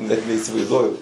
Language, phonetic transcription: Lithuanian, ˈnet neisivaizˈduoju

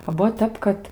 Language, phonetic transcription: Lithuanian, o ˈbuo ˈtep kad

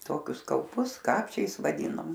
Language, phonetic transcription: Lithuanian, ˈtokius kauˈpus ˈkapčiais vaˈdynom

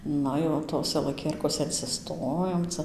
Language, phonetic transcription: Lithuanian, ˈna jau ˈtose laˈkierkose insiˈstojom ˈca

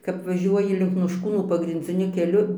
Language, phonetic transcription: Lithuanian, kap vaˈžiuoji link nošˈkūnų pagrindziˈniu keˈliu

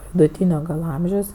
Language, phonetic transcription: Lithuanian, viduˈtynio gal ˈamžiaus

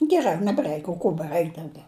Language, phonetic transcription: Lithuanian, geˈra nebˈraik o ˈko beˈraik dauˈgiau

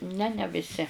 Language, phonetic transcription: Lithuanian, ne ne viˈsi

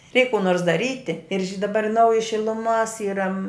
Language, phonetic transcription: Lithuanian, ˈreik kū ˈnors daˈryti ir ži daˈbar ˈnauji šiluˈmos ˈyra

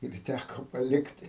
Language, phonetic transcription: Lithuanian, ir ˈtæko paˈlikti

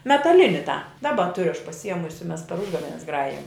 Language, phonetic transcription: Lithuanian, metaˈlini tą ˈdaba ˈturiu aš pasiˈjiemusi mes per ˈužgavenes ˈgrajijam

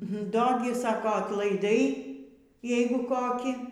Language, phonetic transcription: Lithuanian, ˈdo gi ˈsako atlaiˈdai ˈjeigu ˈkokį

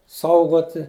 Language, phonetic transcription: Lithuanian, ˈsaugoti

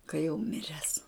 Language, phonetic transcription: Lithuanian, ka jau ˈmires

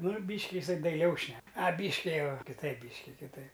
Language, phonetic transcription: Lithuanian, ˈnu ˈbyški iˈsai daiˈliau ˈšnek aˈbyški ˈjau kiˈtaip ˈbyški kiˈtaip

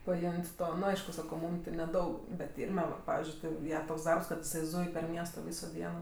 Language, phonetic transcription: Lithuanian, paˈim't' ˈto nu ˈaišku ˈsako ˈmūm ti neˈdaug bet ˈirme ˈva ˈpavizdžiui ˈti ˈja toks ˈdarbs kad iˈsai ˈzūj per ˈmiesto ˈvyso ˈdieno

